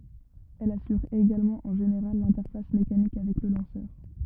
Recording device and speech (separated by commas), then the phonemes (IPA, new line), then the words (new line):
rigid in-ear microphone, read sentence
ɛl asyʁ eɡalmɑ̃ ɑ̃ ʒeneʁal lɛ̃tɛʁfas mekanik avɛk lə lɑ̃sœʁ
Elle assure également en général l'interface mécanique avec le lanceur.